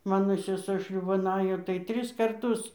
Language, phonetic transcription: Lithuanian, ˈmano seˈsuo ˈšliūban ˈajo tai ˈtris karˈtus

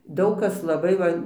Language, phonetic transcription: Lithuanian, ˈdaug ˈkas laˈbai va

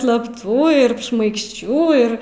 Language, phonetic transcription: Lithuanian, slapˈtų ir šmaikšˈčių ir

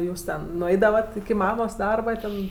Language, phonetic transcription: Lithuanian, ˈjūs ten nuˈeidavat iki ˈmamos ˈdarba ˈten

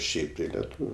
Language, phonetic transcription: Lithuanian, ˈšiaip tai leˈtūviu

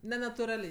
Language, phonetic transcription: Lithuanian, nenatuˈraliai

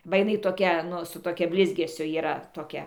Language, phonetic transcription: Lithuanian, ba jiˈnai toˈkia ˈnu su toˈkia ˈblizgesiu yˈra toˈkia

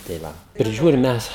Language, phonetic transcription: Lithuanian, tai ˈva priˈžiūrim ˈmes

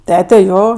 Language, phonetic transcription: Lithuanian, ˈtete ˈjo

